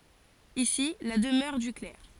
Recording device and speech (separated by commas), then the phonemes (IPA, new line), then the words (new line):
forehead accelerometer, read sentence
isi la dəmœʁ dy klɛʁ
Ici la demeure du clerc.